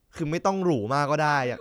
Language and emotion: Thai, frustrated